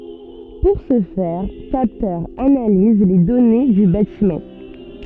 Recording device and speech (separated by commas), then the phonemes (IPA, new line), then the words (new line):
soft in-ear microphone, read sentence
puʁ sə fɛʁ kaptœʁz analiz le dɔne dy batimɑ̃
Pour ce faire, capteurs analysent les données du bâtiment.